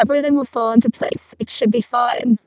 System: VC, vocoder